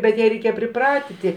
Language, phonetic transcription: Lithuanian, bet ˈją reiˈkėje priˈpratiti

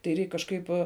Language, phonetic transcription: Lithuanian, tai ˈreik kažˈkaip

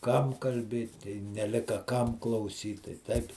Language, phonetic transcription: Lithuanian, ˈkam kalˈbėt i neˈlika ˈkam klauˈsyt tai ˈtaip

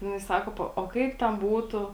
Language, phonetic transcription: Lithuanian, ˈjinai ˈsako ˈpo o ˈkaip ten ˈbūtu

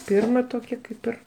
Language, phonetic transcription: Lithuanian, ˈpirma ˈtokia ˈkaip ir

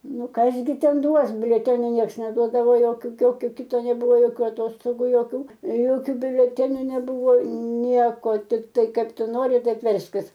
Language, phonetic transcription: Lithuanian, ˈnu ˈkas gi ˈten ˈduos biuleˈtenio ˈnieks neˈduodavo ˈjokiu ˈjokiu ˈkito neˈbuvo ˈjokio aˈtostogų joˈkių ˈjokiu biuleˈteniu neˈbuvo ˈnieko tikˈtai ˈkaip ˈtu ˈnori ˈtaip ˈverskis

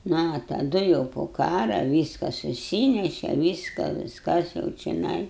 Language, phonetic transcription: Lithuanian, nu a taˈdu jau po ˈkara ˈvyska suˈsyneše ˈvyska visˈkas jau čeˈnai

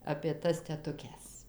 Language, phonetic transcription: Lithuanian, apė ˈtas tetuˈkes

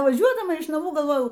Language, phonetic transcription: Lithuanian, vaˈžiuodama iš naˈmų galˈvojau

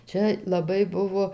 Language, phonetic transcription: Lithuanian, ˈčia laˈbai ˈbuvo

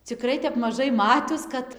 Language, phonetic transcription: Lithuanian, ciˈkrai tep maˈžai ˈmatius ˈkad

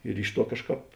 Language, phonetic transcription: Lithuanian, ir ˈiš ˌtuo ˈkažˌkāp

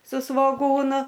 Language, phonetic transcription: Lithuanian, su svoˈgūnu

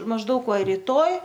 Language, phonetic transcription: Lithuanian, mažˈdaug ˈva ryˈtoj

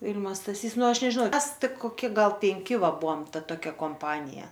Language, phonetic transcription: Lithuanian, ˈvil'ma staˈsys ˈnu ˈaš nežiˈnau ˈmes ˈtik koˈki ˈgal penˈki ˈva ˈbuom ˈta toˈkia komˈpanija

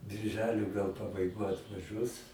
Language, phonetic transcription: Lithuanian, birˈželio gal pabaiˈgoj atvaˈžiuos

